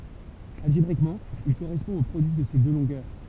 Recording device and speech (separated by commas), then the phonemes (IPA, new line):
temple vibration pickup, read sentence
alʒebʁikmɑ̃ il koʁɛspɔ̃ o pʁodyi də se dø lɔ̃ɡœʁ